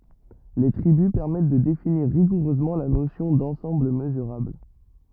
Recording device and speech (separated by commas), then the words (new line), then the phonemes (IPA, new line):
rigid in-ear microphone, read sentence
Les tribus permettent de définir rigoureusement la notion d'ensemble mesurable.
le tʁibys pɛʁmɛt də definiʁ ʁiɡuʁøzmɑ̃ la nosjɔ̃ dɑ̃sɑ̃bl məzyʁabl